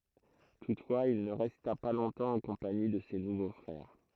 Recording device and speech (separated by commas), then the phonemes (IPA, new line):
throat microphone, read sentence
tutfwaz il nə ʁɛsta pa lɔ̃tɑ̃ ɑ̃ kɔ̃pani də se nuvo fʁɛʁ